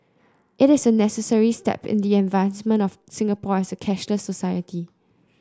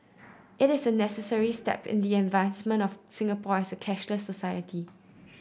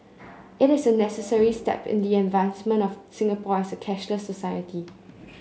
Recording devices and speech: close-talking microphone (WH30), boundary microphone (BM630), mobile phone (Samsung C9), read sentence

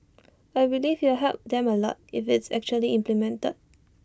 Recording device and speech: standing microphone (AKG C214), read sentence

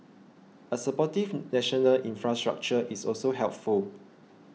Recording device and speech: mobile phone (iPhone 6), read sentence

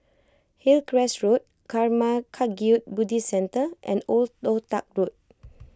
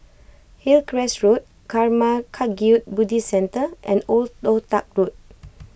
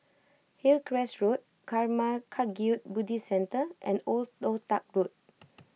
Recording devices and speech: close-talking microphone (WH20), boundary microphone (BM630), mobile phone (iPhone 6), read sentence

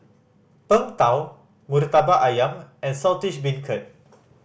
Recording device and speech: boundary microphone (BM630), read sentence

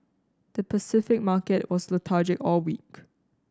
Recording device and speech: standing microphone (AKG C214), read sentence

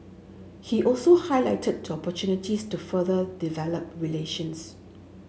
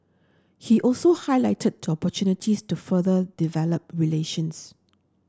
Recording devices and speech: mobile phone (Samsung S8), standing microphone (AKG C214), read sentence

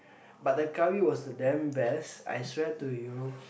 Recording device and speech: boundary microphone, conversation in the same room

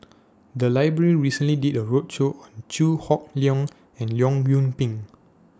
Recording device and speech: standing microphone (AKG C214), read sentence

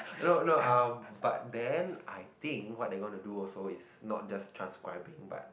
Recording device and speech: boundary microphone, conversation in the same room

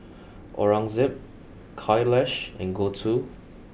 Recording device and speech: boundary microphone (BM630), read sentence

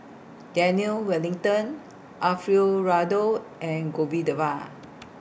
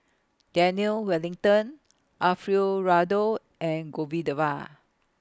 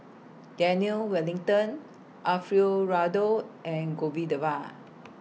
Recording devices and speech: boundary microphone (BM630), close-talking microphone (WH20), mobile phone (iPhone 6), read sentence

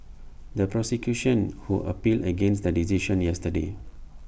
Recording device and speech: boundary microphone (BM630), read sentence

